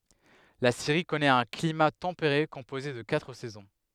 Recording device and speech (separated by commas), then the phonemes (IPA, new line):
headset microphone, read sentence
la siʁi kɔnɛt œ̃ klima tɑ̃peʁe kɔ̃poze də katʁ sɛzɔ̃